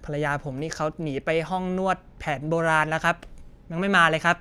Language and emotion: Thai, frustrated